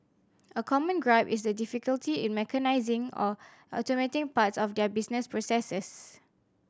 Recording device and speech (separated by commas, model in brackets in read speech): standing microphone (AKG C214), read sentence